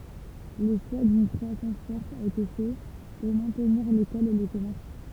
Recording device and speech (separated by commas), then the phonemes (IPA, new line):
temple vibration pickup, read sentence
lə ʃwa dyn kʁwasɑ̃s fɔʁt a ete fɛ puʁ mɛ̃tniʁ lekɔl e le kɔmɛʁs